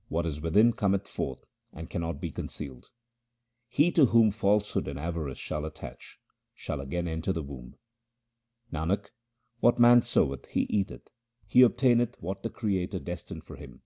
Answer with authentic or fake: authentic